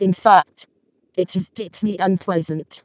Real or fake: fake